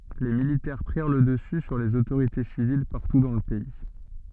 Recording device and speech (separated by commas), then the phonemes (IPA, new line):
soft in-ear microphone, read sentence
le militɛʁ pʁiʁ lə dəsy syʁ lez otoʁite sivil paʁtu dɑ̃ lə pɛi